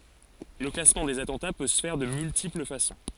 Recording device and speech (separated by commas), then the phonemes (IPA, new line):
forehead accelerometer, read sentence
lə klasmɑ̃ dez atɑ̃ta pø sə fɛʁ də myltipl fasɔ̃